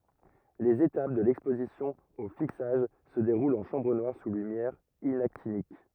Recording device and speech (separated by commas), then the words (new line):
rigid in-ear microphone, read sentence
Les étapes de l'exposition au fixage se déroulent en chambre noire sous lumière inactinique.